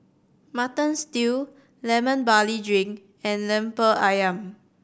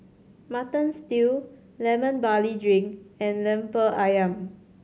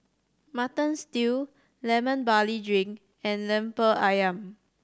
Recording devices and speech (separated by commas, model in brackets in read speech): boundary microphone (BM630), mobile phone (Samsung C7100), standing microphone (AKG C214), read sentence